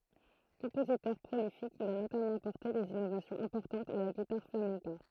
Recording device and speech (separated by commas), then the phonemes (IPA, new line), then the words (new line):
throat microphone, read sentence
kɔ̃pozitœʁ pʁolifik il a notamɑ̃ apɔʁte dez inovasjɔ̃z ɛ̃pɔʁtɑ̃tz a la ɡitaʁ flamɛ̃ka
Compositeur prolifique, il a notamment apporté des innovations importantes à la guitare flamenca.